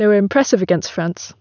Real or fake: real